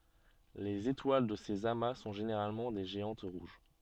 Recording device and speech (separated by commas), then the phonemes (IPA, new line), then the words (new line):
soft in-ear microphone, read sentence
lez etwal də sez ama sɔ̃ ʒeneʁalmɑ̃ de ʒeɑ̃t ʁuʒ
Les étoiles de ces amas sont généralement des géantes rouges.